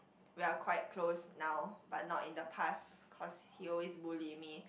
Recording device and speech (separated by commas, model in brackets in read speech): boundary microphone, conversation in the same room